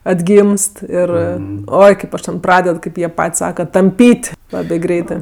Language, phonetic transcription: Lithuanian, atˈgymst ˈir ˈoi kaip ˈaš ten ˈpraded ˈkaip jie ˈpat's' ˈsaka tamˈpyt' ˈlabė ˈgreitɜ

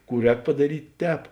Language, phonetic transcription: Lithuanian, ˈkų ˈrēk padaˈryt' ˈtēp

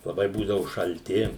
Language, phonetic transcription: Lithuanian, laˈbai ˈbūdavu šalˈti

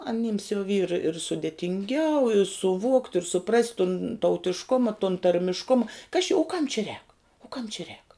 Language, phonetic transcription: Lithuanian, aˈnims jau vyr ir sudėtinˈgiau suˈvokt' ir suˈprast' tun tautišˈkuma tun tarmišˈkuma kas či u kam či rēk u kam či rēk

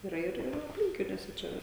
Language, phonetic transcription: Lithuanian, yˈra ir ir apˈlinkiniuose ˈčia va

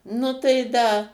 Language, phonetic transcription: Lithuanian, ˈnu tai ˈda

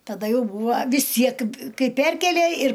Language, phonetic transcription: Lithuanian, taˈda ˈjau ˈbūva vis ˈtsiek ˈkai ˈperkėlė ir

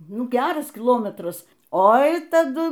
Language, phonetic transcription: Lithuanian, ˈnu ˈgeras kiˈlometras ˈoi taˈdu

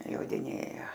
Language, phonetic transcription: Lithuanian, jodiˈnėja

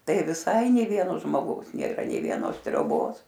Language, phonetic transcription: Lithuanian, ˈtai viˈsai nė ˈvieno žmoˈgaus nėˈra nei vieˈnos trioˈbos

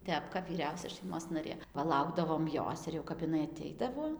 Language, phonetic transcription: Lithuanian, ˈtep kap vyˈriausia šaiˈmos naˈrė paˈlaukdavom ˈjos ir jau kap iˈnai aˈteidavo

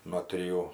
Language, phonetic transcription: Lithuanian, nuo triˈjų

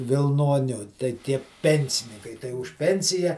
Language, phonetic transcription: Lithuanian, vilˈnoniu tai ˈtie ˈpensininkai tai už ˈpensija

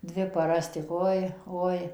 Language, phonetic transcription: Lithuanian, ˈdvi paˈras tik ˈoi ˈoi

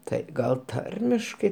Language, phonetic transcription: Lithuanian, ˈtai ˈgal ˈtarmiškai

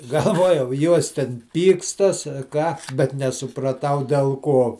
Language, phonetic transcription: Lithuanian, galˈvuojau ˈjuos ten ˈpykstas a ˈką bet nesupraˈtau del ˈko

